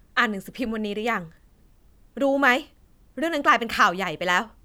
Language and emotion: Thai, frustrated